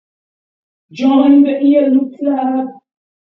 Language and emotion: English, fearful